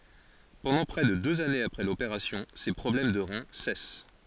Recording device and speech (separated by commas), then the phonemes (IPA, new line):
forehead accelerometer, read sentence
pɑ̃dɑ̃ pʁɛ də døz anez apʁɛ lopeʁasjɔ̃ se pʁɔblɛm də ʁɛ̃ sɛs